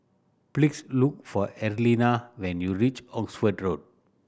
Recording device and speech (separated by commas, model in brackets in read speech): boundary microphone (BM630), read sentence